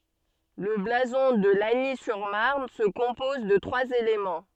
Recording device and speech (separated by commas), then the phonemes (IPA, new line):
soft in-ear microphone, read sentence
lə blazɔ̃ də laɲi syʁ maʁn sə kɔ̃pɔz də tʁwaz elemɑ̃